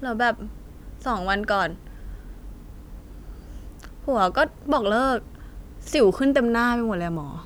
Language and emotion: Thai, frustrated